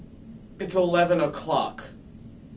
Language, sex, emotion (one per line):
English
male
disgusted